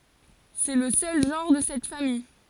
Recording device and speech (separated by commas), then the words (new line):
forehead accelerometer, read sentence
C'est le seul genre de cette famille.